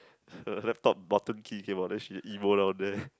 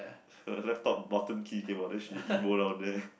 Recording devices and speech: close-talking microphone, boundary microphone, conversation in the same room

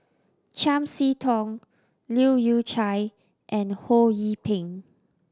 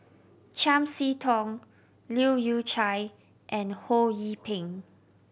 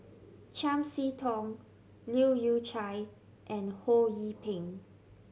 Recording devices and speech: standing microphone (AKG C214), boundary microphone (BM630), mobile phone (Samsung C7100), read sentence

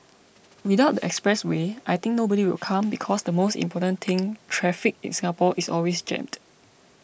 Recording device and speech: boundary microphone (BM630), read sentence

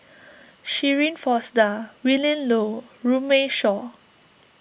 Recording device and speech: boundary microphone (BM630), read sentence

